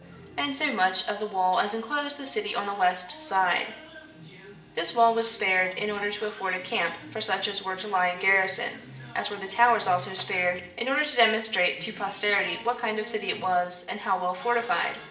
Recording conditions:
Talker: one person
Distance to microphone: 1.8 m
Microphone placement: close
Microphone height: 1.0 m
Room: large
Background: television

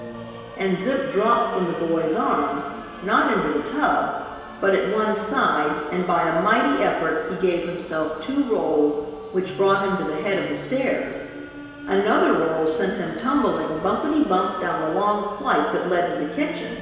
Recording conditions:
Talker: one person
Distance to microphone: 1.7 m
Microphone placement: close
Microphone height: 1.0 m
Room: very reverberant, large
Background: music

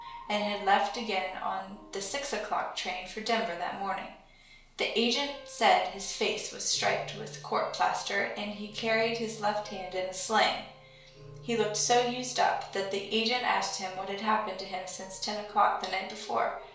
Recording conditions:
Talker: one person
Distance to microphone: 1.0 m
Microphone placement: close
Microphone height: 1.1 m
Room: small (3.7 m by 2.7 m)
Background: music

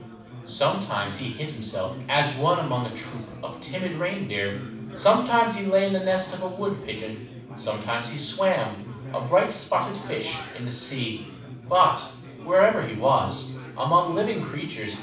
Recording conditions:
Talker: one person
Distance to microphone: 5.8 m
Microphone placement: far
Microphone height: 1.8 m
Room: medium-sized (5.7 m by 4.0 m)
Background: babble

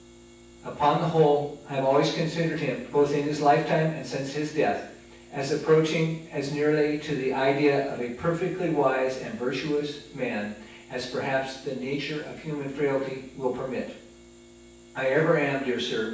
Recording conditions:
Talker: one person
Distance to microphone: 9.8 m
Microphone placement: far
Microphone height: 1.8 m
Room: large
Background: none

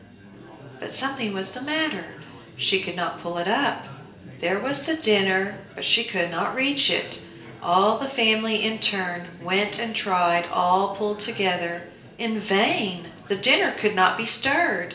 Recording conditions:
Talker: one person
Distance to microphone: 1.8 m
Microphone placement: close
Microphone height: 1.0 m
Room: large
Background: babble

